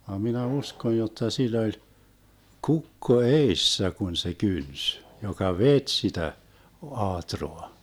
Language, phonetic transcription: Finnish, vam 'minä "uskoj 'jotta 'sil̆l ‿oĺ , "kukko "eissä 'kun se 'kyns , joka "vet 'sitä , 'ᵒaatroa .
- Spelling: vaan minä uskon jotta sillä oli kukko edessä kun se kynti joka veti sitä aatraa

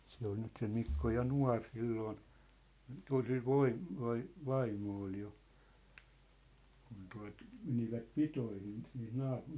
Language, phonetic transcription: Finnish, se ‿ol 'nyt se 'Mikko 'ja "nua̭r 'silloon , (kyl) sil 'voim- , vai- , 'vaimmo ol jo , kun tua̭t , 'menivät "pitoihin siin 'naap- ,.
- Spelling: se oli nyt se Mikko ja nuori silloin kyllä sillä - - vaimo oli jo kun tuota menivät pitoihin siinä -

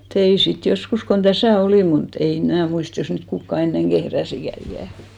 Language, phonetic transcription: Finnish, 'tein̬ sit 'joskus , kon 'ᴅäsä̀ "olìm mu't ‿ei , 'mnä̀ 'muist jos niit 'kukka enneŋ "ɢehräsikä ikä̀ .
- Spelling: tein sitten joskus kun tässä olin mutta ei minä muista jos niitä kukaan ennen kehräsikään ikänä

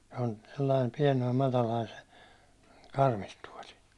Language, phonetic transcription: Finnish, se on , sellaim 'piɛnoim 'matalain se , 'karmistuåli .
- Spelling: se on sellainen pienoinen matala se karmituoli

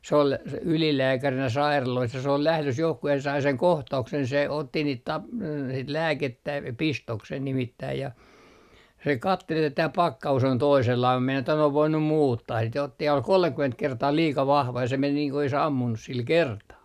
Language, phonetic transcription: Finnish, s ‿ol s - 'ylilääkärinä 'sairalois ja se ol 'lählös johku ja se sai seŋ 'kohta₍uksen se otti niit 'tapl- , sit "lääkettä "pistoksen 'nimittäi ja , se 'kattel että » tää 'pakka₍us on 'toisellai » (mum meinas) että » ne ov 'voinum "muuttaa sit » ja otti ja ol 'kolmekyment 'kertaa "liika 'vahva ja se 'men nii ko oˡis "ammunnus 'sil "kertaa .
- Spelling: se oli - ylilääkärinä sairaaloissa ja se oli lähdössä johonkin ja se sai sen kohtauksen se otti niitä - sitten lääkettä pistoksen nimittäin ja se katseli että tämä pakkaus on toisenlainen mutta meinasi että ne on voinut muuttaa sitten ja otti ja oli kolmekymmentä kertaa liika vahva ja se meni niin kuin olisi ampunut sillä kertaa

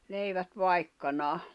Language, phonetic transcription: Finnish, leivät 'vaikkanaa .
- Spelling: leivät vaikkanaan

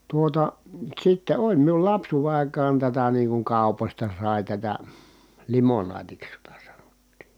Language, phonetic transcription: Finnish, tuota , sitte oĺ miul lapsuuve àikaan tätä niiŋ kuŋ kàu̬pośta sài tätä , limonaatiks jota sANOttII .
- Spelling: tuota sitten oli minun lapsuuden aikaan tätä niin kuin kaupoista sai tätä limonaatiksi jota sanottiin

